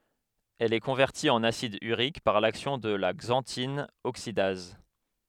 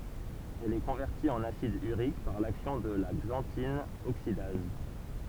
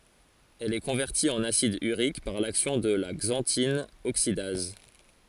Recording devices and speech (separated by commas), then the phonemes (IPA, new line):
headset microphone, temple vibration pickup, forehead accelerometer, read sentence
ɛl ɛ kɔ̃vɛʁti ɑ̃n asid yʁik paʁ laksjɔ̃ də la ɡzɑ̃tin oksidaz